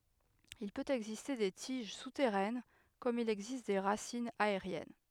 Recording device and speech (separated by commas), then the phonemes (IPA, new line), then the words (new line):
headset microphone, read sentence
il pøt ɛɡziste de tiʒ sutɛʁɛn kɔm il ɛɡzist de ʁasinz aeʁjɛn
Il peut exister des tiges souterraines comme il existe des racines aériennes.